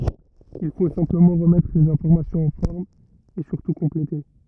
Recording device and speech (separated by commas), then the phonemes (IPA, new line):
rigid in-ear microphone, read sentence
il fo sɛ̃pləmɑ̃ ʁəmɛtʁ lez ɛ̃fɔʁmasjɔ̃z ɑ̃ fɔʁm e syʁtu kɔ̃plete